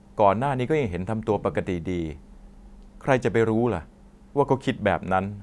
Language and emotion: Thai, neutral